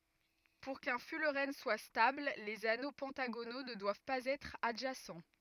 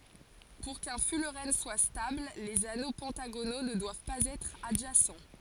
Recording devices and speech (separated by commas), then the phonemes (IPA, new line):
rigid in-ear microphone, forehead accelerometer, read sentence
puʁ kœ̃ fylʁɛn swa stabl lez ano pɑ̃taɡono nə dwav paz ɛtʁ adʒasɑ̃